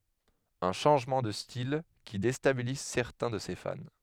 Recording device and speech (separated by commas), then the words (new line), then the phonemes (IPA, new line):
headset microphone, read sentence
Un changement de style qui déstabilise certains de ses fans.
œ̃ ʃɑ̃ʒmɑ̃ də stil ki destabiliz sɛʁtɛ̃ də se fan